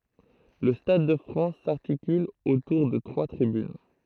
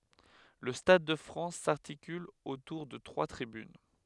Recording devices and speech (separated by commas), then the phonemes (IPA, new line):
throat microphone, headset microphone, read sentence
lə stad də fʁɑ̃s saʁtikyl otuʁ də tʁwa tʁibyn